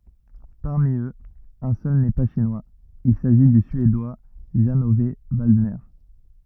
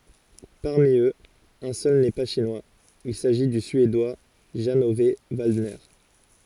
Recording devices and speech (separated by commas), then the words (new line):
rigid in-ear microphone, forehead accelerometer, read sentence
Parmi eux, un seul n'est pas Chinois, il s'agit du Suédois Jan-Ove Waldner.